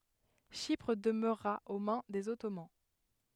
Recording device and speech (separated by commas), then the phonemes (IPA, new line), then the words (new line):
headset microphone, read sentence
ʃipʁ dəmøʁa o mɛ̃ dez ɔtoman
Chypre demeura aux mains des Ottomans.